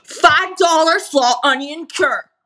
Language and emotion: English, angry